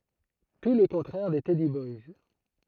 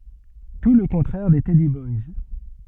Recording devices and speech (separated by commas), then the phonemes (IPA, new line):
throat microphone, soft in-ear microphone, read sentence
tu lə kɔ̃tʁɛʁ de tɛdi bɔjs